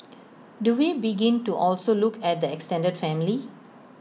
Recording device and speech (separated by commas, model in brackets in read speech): mobile phone (iPhone 6), read sentence